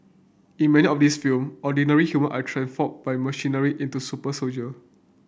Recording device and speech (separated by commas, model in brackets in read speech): boundary microphone (BM630), read sentence